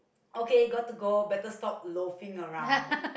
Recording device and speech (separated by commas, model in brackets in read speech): boundary microphone, conversation in the same room